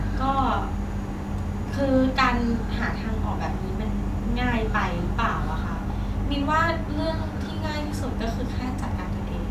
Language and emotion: Thai, neutral